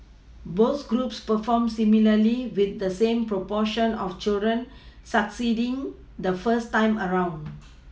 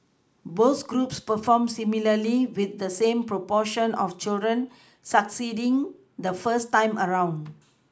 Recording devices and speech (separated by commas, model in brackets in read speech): mobile phone (iPhone 6), close-talking microphone (WH20), read sentence